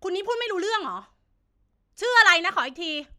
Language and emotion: Thai, angry